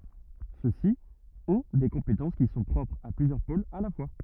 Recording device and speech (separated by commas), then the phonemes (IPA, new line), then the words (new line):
rigid in-ear microphone, read sentence
søksi ɔ̃ de kɔ̃petɑ̃s ki sɔ̃ pʁɔpʁz a plyzjœʁ polz a la fwa
Ceux-ci ont des compétences qui sont propres à plusieurs pôles à la fois.